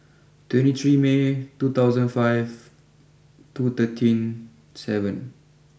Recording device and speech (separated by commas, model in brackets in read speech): boundary microphone (BM630), read sentence